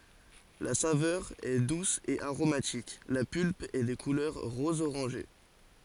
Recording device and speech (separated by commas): forehead accelerometer, read sentence